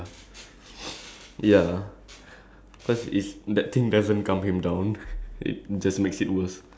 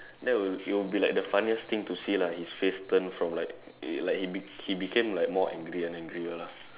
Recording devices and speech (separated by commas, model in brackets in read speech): standing microphone, telephone, conversation in separate rooms